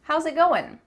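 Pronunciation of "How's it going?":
In "How's it going?", the s of "how's" sounds like a z and links to the vowel of "it".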